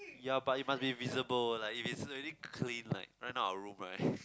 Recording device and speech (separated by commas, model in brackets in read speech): close-talking microphone, conversation in the same room